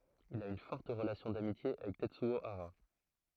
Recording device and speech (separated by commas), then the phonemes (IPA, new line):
throat microphone, read sentence
il a yn fɔʁt ʁəlasjɔ̃ damitje avɛk tɛtsyo aʁa